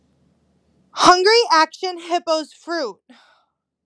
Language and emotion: English, disgusted